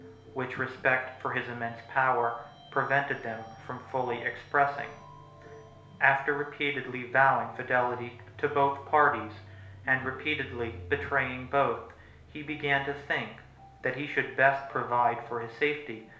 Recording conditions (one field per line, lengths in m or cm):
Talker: one person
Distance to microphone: 1.0 m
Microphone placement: close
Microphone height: 1.1 m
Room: small (3.7 m by 2.7 m)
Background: music